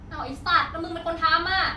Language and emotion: Thai, angry